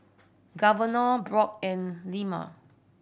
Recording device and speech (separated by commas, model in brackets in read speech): boundary microphone (BM630), read sentence